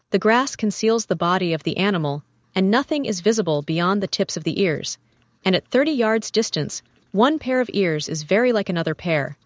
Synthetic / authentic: synthetic